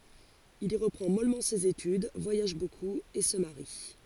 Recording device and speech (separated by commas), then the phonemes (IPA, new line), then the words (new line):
forehead accelerometer, read sentence
il i ʁəpʁɑ̃ mɔlmɑ̃ sez etyd vwajaʒ bokup e sə maʁi
Il y reprend mollement ses études, voyage beaucoup et se marie.